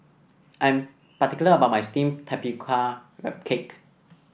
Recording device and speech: boundary microphone (BM630), read sentence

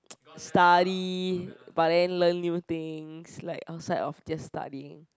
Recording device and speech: close-talking microphone, conversation in the same room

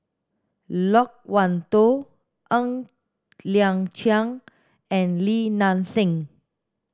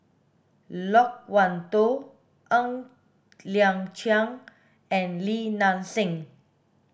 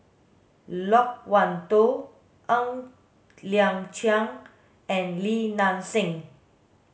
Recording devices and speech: standing microphone (AKG C214), boundary microphone (BM630), mobile phone (Samsung S8), read sentence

